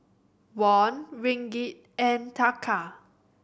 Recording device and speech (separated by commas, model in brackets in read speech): boundary microphone (BM630), read sentence